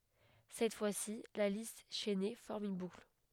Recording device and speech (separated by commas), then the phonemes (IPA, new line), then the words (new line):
headset microphone, read sentence
sɛt fwasi la list ʃɛne fɔʁm yn bukl
Cette fois-ci, la liste chaînée forme une boucle.